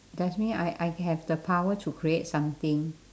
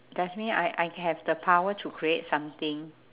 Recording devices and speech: standing microphone, telephone, conversation in separate rooms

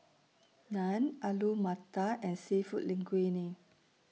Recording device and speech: mobile phone (iPhone 6), read sentence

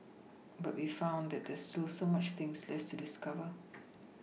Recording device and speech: mobile phone (iPhone 6), read sentence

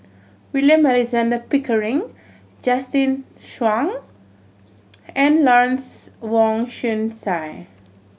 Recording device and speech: mobile phone (Samsung C7100), read sentence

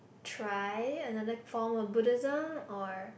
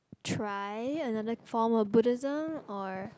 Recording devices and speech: boundary microphone, close-talking microphone, conversation in the same room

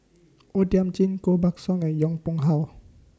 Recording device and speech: standing microphone (AKG C214), read sentence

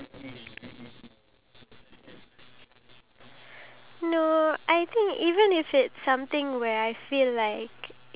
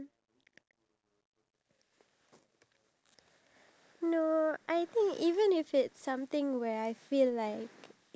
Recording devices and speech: telephone, standing microphone, conversation in separate rooms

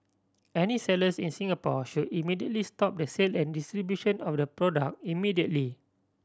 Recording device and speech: standing microphone (AKG C214), read sentence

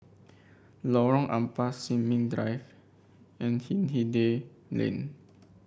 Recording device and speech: boundary microphone (BM630), read sentence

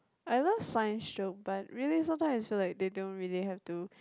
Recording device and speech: close-talking microphone, conversation in the same room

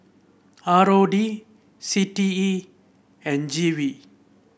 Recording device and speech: boundary microphone (BM630), read sentence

